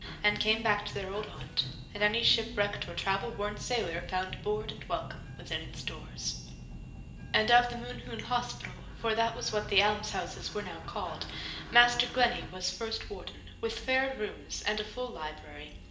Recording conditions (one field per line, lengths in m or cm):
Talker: one person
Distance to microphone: 1.8 m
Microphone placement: close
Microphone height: 1.0 m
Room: large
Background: music